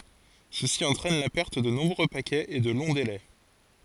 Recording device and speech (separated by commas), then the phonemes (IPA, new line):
forehead accelerometer, read sentence
səsi ɑ̃tʁɛn la pɛʁt də nɔ̃bʁø pakɛz e də lɔ̃ delɛ